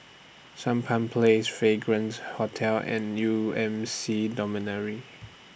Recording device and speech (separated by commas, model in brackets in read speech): boundary microphone (BM630), read sentence